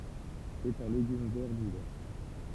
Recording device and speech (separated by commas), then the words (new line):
temple vibration pickup, read sentence
C’est un légume vert d’hiver.